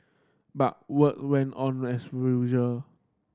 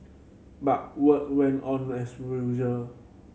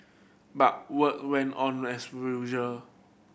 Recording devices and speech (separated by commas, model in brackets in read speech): standing microphone (AKG C214), mobile phone (Samsung C7100), boundary microphone (BM630), read sentence